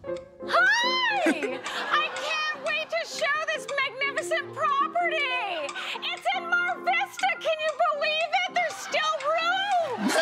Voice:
High-pitched voice